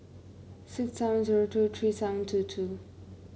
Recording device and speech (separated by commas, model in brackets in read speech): mobile phone (Samsung C9), read sentence